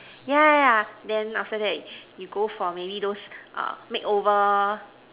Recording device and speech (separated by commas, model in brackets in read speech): telephone, conversation in separate rooms